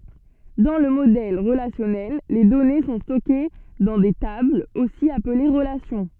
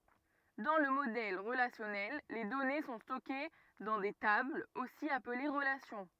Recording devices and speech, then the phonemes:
soft in-ear microphone, rigid in-ear microphone, read sentence
dɑ̃ lə modɛl ʁəlasjɔnɛl le dɔne sɔ̃ stɔke dɑ̃ de tablz osi aple ʁəlasjɔ̃

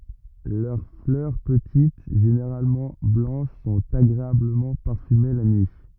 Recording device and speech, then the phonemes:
rigid in-ear microphone, read sentence
lœʁ flœʁ pətit ʒeneʁalmɑ̃ blɑ̃ʃ sɔ̃t aɡʁeabləmɑ̃ paʁfyme la nyi

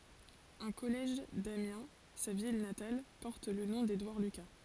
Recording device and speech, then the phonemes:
forehead accelerometer, read sentence
œ̃ kɔlɛʒ damjɛ̃ sa vil natal pɔʁt lə nɔ̃ dedwaʁ lyka

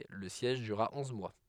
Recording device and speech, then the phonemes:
headset microphone, read sentence
lə sjɛʒ dyʁʁa ɔ̃z mwa

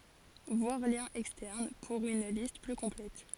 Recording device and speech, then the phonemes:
forehead accelerometer, read sentence
vwaʁ ljɛ̃z ɛkstɛʁn puʁ yn list ply kɔ̃plɛt

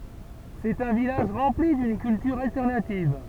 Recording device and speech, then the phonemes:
temple vibration pickup, read sentence
sɛt œ̃ vilaʒ ʁɑ̃pli dyn kyltyʁ altɛʁnativ

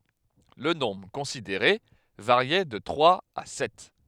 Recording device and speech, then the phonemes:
headset microphone, read sentence
lə nɔ̃bʁ kɔ̃sideʁe vaʁjɛ də tʁwaz a sɛt

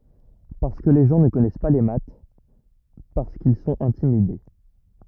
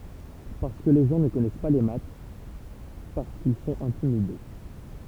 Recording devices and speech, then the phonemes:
rigid in-ear microphone, temple vibration pickup, read sentence
paʁskə le ʒɑ̃ nə kɔnɛs pa le mat paʁskil sɔ̃t ɛ̃timide

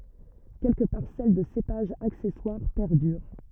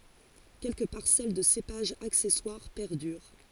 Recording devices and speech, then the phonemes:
rigid in-ear microphone, forehead accelerometer, read sentence
kɛlkə paʁsɛl də sepaʒz aksɛswaʁ pɛʁdyʁ

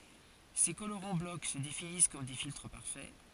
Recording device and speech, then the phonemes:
forehead accelerometer, read sentence
se koloʁɑ̃ blɔk sə definis kɔm de filtʁ paʁfɛ

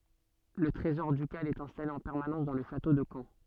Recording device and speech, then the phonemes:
soft in-ear microphone, read sentence
lə tʁezɔʁ dykal ɛt ɛ̃stale ɑ̃ pɛʁmanɑ̃s dɑ̃ lə ʃato də kɑ̃

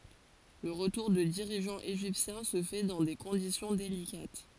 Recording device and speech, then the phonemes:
forehead accelerometer, read sentence
lə ʁətuʁ də diʁiʒɑ̃z eʒiptjɛ̃ sə fɛ dɑ̃ de kɔ̃disjɔ̃ delikat

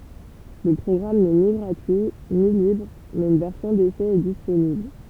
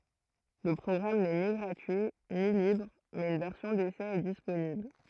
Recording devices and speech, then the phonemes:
temple vibration pickup, throat microphone, read sentence
lə pʁɔɡʁam nɛ ni ɡʁatyi ni libʁ mɛz yn vɛʁsjɔ̃ desɛ ɛ disponibl

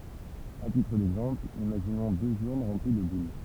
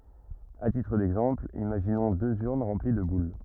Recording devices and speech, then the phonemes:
temple vibration pickup, rigid in-ear microphone, read sentence
a titʁ dɛɡzɑ̃pl imaʒinɔ̃ døz yʁn ʁɑ̃pli də bul

